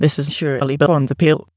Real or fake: fake